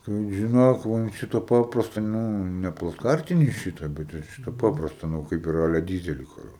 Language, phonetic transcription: Lithuanian, tai žiˈnok ˈva ant ˈšito ˈpaprasto ˈnū ˈne placˈkartini ˈšyta bet jau ˈšita ˈpaprasta ˈnu kaip ir ˈale ˈdyzeli ˈkur

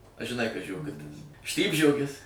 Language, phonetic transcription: Lithuanian, a žiˈnai kas žioˈgutis ˈštypžiogis

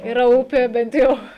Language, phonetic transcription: Lithuanian, iˈra ˈupė bent ˈjau

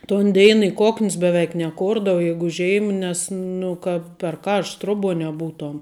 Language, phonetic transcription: Lithuanian, ton ˈdėin i ˈkokn's beˈveik neˈkordavo ˈ jeigu ˈžiem ˈnes ˈnu kad per ˈkaršt ˈtroˌbuo neˈbūtuom

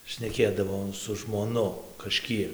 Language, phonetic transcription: Lithuanian, šneˈkėdavo su žmoˈnu kaˈžkiek

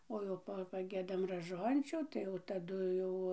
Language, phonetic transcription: Lithuanian, ˈo jau ˈpa paˈgiedam raˈžončių ˈtai jau taˈdu jau

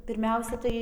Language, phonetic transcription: Lithuanian, pirˈmiausia tai

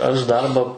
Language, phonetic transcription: Lithuanian, aš ˈdarba

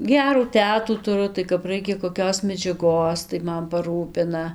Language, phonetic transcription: Lithuanian, ˈgerų ˈtetų tuˈru tai kap ˈraikia koˈkios medžiaˈgos tai ˈman paˈrūpina

